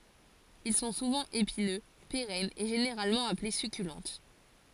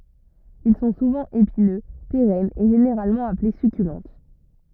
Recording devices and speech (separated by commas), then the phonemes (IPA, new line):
forehead accelerometer, rigid in-ear microphone, read sentence
il sɔ̃ suvɑ̃ epinø peʁɛnz e ʒeneʁalmɑ̃ aple sykylɑ̃t